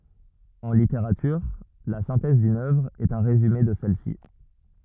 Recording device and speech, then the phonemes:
rigid in-ear microphone, read sentence
ɑ̃ liteʁatyʁ la sɛ̃tɛz dyn œvʁ ɛt œ̃ ʁezyme də sɛl si

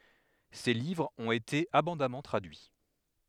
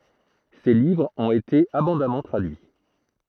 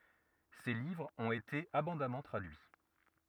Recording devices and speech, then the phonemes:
headset microphone, throat microphone, rigid in-ear microphone, read sentence
se livʁz ɔ̃t ete abɔ̃damɑ̃ tʁadyi

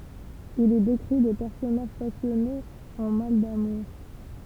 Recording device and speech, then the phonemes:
temple vibration pickup, read sentence
il i dekʁi de pɛʁsɔnaʒ pasjɔnez ɑ̃ mal damuʁ

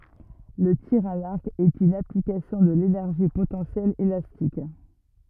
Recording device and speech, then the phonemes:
rigid in-ear microphone, read sentence
lə tiʁ a laʁk ɛt yn aplikasjɔ̃ də lenɛʁʒi potɑ̃sjɛl elastik

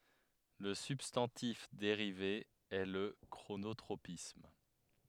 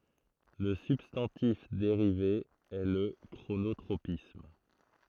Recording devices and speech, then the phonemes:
headset microphone, throat microphone, read sentence
lə sybstɑ̃tif deʁive ɛ lə kʁonotʁopism

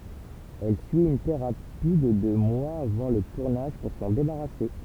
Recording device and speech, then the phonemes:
temple vibration pickup, read sentence
ɛl syi yn teʁapi də dø mwaz avɑ̃ lə tuʁnaʒ puʁ sɑ̃ debaʁase

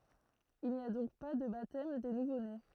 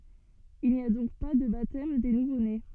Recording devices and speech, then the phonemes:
throat microphone, soft in-ear microphone, read sentence
il ni a dɔ̃k pa də batɛm de nuvone

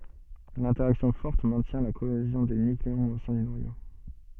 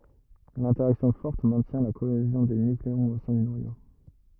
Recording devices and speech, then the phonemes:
soft in-ear microphone, rigid in-ear microphone, read sentence
lɛ̃tɛʁaksjɔ̃ fɔʁt mɛ̃tjɛ̃ la koezjɔ̃ de nykleɔ̃z o sɛ̃ dy nwajo

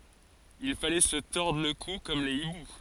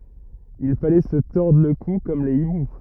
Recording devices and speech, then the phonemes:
forehead accelerometer, rigid in-ear microphone, read sentence
il falɛ sə tɔʁdʁ lə ku kɔm le ibu

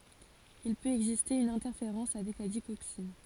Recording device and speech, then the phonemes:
forehead accelerometer, read sentence
il pøt ɛɡziste yn ɛ̃tɛʁfeʁɑ̃s avɛk la diɡoksin

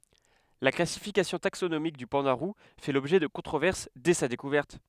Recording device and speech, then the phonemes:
headset microphone, read sentence
la klasifikasjɔ̃ taksonomik dy pɑ̃da ʁu fɛ lɔbʒɛ də kɔ̃tʁovɛʁs dɛ sa dekuvɛʁt

